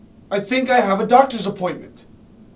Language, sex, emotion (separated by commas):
English, male, fearful